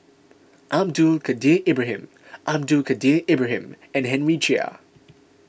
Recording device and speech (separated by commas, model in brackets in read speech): boundary microphone (BM630), read sentence